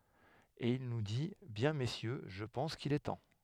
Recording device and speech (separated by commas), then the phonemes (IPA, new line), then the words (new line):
headset microphone, read sentence
e il nu di bjɛ̃ mesjø ʒə pɑ̃s kil ɛ tɑ̃
Et il nous dit, “Bien messieurs, je pense qu’il est temps.